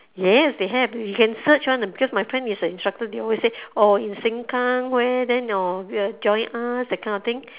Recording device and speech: telephone, conversation in separate rooms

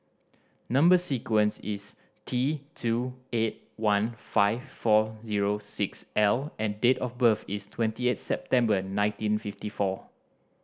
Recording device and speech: standing microphone (AKG C214), read sentence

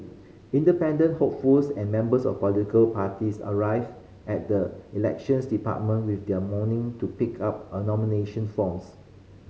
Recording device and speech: mobile phone (Samsung C5010), read sentence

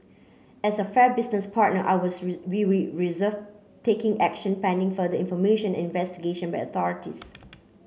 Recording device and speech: mobile phone (Samsung C9), read sentence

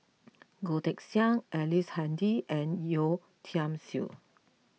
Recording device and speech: mobile phone (iPhone 6), read sentence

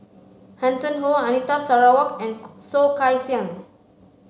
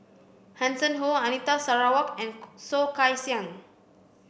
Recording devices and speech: mobile phone (Samsung C5), boundary microphone (BM630), read sentence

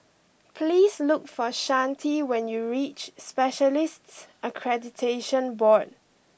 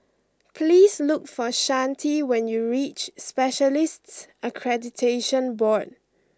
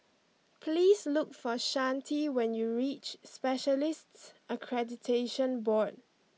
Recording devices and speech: boundary microphone (BM630), close-talking microphone (WH20), mobile phone (iPhone 6), read sentence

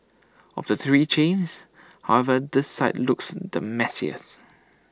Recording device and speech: standing microphone (AKG C214), read sentence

